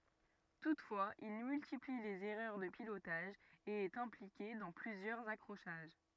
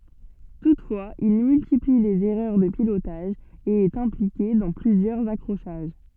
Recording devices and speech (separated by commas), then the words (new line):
rigid in-ear microphone, soft in-ear microphone, read sentence
Toutefois il multiplie les erreurs de pilotage et est impliqué dans plusieurs accrochages.